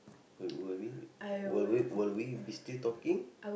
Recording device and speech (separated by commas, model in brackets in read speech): boundary microphone, conversation in the same room